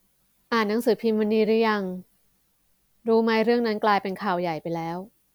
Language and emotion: Thai, neutral